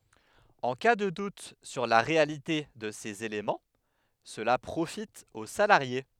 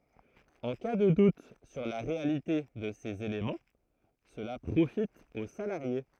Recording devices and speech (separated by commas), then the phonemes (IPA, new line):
headset microphone, throat microphone, read sentence
ɑ̃ ka də dut syʁ la ʁealite də sez elemɑ̃ səla pʁofit o salaʁje